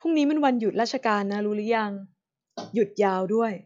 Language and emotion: Thai, neutral